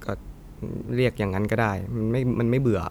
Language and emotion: Thai, neutral